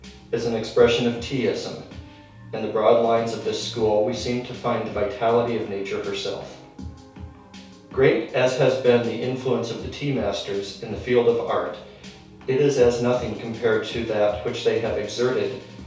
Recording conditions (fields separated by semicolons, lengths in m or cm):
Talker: one person; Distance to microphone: 3.0 m; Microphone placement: far; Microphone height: 1.8 m; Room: small (3.7 m by 2.7 m); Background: music